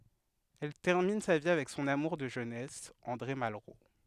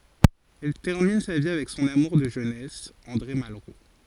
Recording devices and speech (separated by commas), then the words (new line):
headset microphone, forehead accelerometer, read sentence
Elle termine sa vie avec son amour de jeunesse, André Malraux.